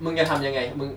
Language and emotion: Thai, frustrated